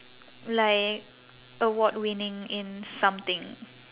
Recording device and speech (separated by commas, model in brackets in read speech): telephone, conversation in separate rooms